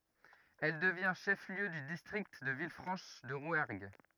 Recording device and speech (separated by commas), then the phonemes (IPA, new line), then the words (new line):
rigid in-ear microphone, read sentence
ɛl dəvjɛ̃ ʃɛf ljø dy distʁikt də vilfʁɑ̃ʃ də ʁwɛʁɡ
Elle devient chef-lieu du district de Villefranche-de-Rouergue.